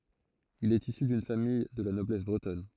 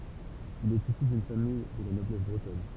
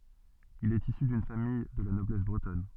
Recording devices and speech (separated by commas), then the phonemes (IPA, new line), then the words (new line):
throat microphone, temple vibration pickup, soft in-ear microphone, read sentence
il ɛt isy dyn famij də la nɔblɛs bʁətɔn
Il est issu d'une famille de la noblesse bretonne.